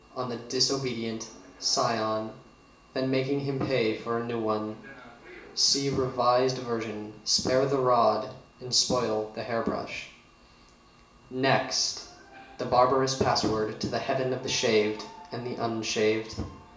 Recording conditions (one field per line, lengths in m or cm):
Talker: one person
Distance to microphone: 1.8 m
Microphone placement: close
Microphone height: 1.0 m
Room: large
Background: television